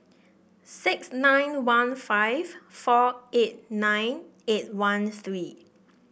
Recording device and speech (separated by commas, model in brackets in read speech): boundary microphone (BM630), read sentence